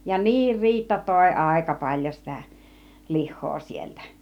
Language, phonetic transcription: Finnish, ja "niir 'Riitta tòi 'àika 'paĺjo sitä , 'lih̆hoo sieltä .
- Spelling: ja niin Riitta toi aika paljon sitä lihaa sieltä

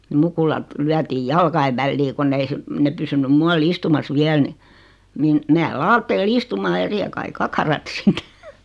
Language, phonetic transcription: Finnish, ni 'mukulat , 'lyätiij "jalkaiv vällii 'konn ei (he) , 'ne pysynym 'mual "istumas 'viäl ni , niin , 'meä "laattee'l ‿istumaa ja 'sihe kai 'kakarat 'sit .
- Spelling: niin mukulat lyötiin jalkojen väliin kun ei he ne pysynyt muualla istumassa vielä niin niin minä laittelin istumaan ja siihen kaikki kakarat sitten

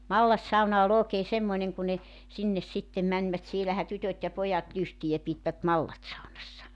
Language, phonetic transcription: Finnish, "mallassauna o'l ‿ookee 'semmoⁱneŋ ku ne , 'sinnes 'sittem mäńvät sielähä 'tytöt ja 'pojat 'lystijä pitvät 'mallatsaunassa .
- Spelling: mallassauna oli oikein semmoinen kun ne sinne sitten menivät siellähän tytöt ja pojat lystiä pitivät mallassaunassa

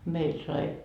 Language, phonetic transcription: Finnish, 'meil sai ,.
- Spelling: meillä sai

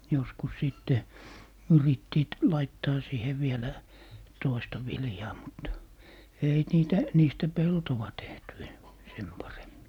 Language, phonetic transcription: Finnish, joskus 'sìtte , "yrittiit , 'laittaa siihe 'vielä , "toista 'viljaa mut , "ei 'niitä , 'niistä "peltowa 'tehty en - "sem 'paremmi .
- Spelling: joskus sitten yrittivät laittaa siihen vielä toista viljaa mutta ei niitä niistä peltoa tehty - sen paremmin

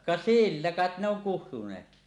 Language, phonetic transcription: Finnish, 'ka "sillä 'kàet ne ‿oŋ 'kuhtuǹeetki .
- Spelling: ka sillä kai ne on kutsuneetkin

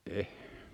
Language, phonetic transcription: Finnish, 'eh .
- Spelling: en

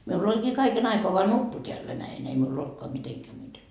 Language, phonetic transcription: Finnish, 'miull ‿'oĺkii kaiken ‿aikoa voa "nuppu t́eällä näin ei miul ‿'oltkoa 'miteŋkä muite .
- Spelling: minulla olikin kaiken aikaa vain nuppu täällä näin ei minulla ollutkaan mitenkään muuten

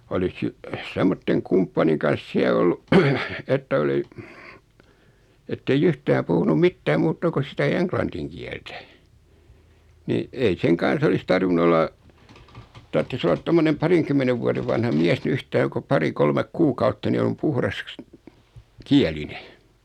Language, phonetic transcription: Finnish, olis 'si- , 'semmotteŋ 'kumppaniŋ kans 'siä ollu , että 'oli , ettei'j ‿yhtää puhunuᵐ 'mittää 'muutta kus sitä 'eŋklantiŋ kiɛltä , ni , ei 'seŋ kan̬s ‿olis 'tarvinu ol̆la , 'tarttis ollat 'tommonem "pariŋkymmenev vuaðev vanha 'miäs ni 'yht₍aika ko 'pari 'kolmek "kuukautta 'ni om 'puhras , "kiäline .
- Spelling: olisi - semmoisen kumppanin kanssa siellä ollut että oli että ei yhtään puhunut mitään muuta kuin sitä englannin kieltä niin ei sen kanssa olisi tarvinnut olla tarvitsisi olla tuommoinen parinkymmenen vuoden vanha mies niin yhtaikaa kun pari kolme kuukautta niin on puhdas kielinen

